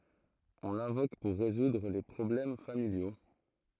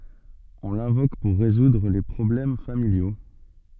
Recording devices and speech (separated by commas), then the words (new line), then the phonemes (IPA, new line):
throat microphone, soft in-ear microphone, read sentence
On l'invoque pour résoudre les problèmes familiaux.
ɔ̃ lɛ̃vok puʁ ʁezudʁ le pʁɔblɛm familjo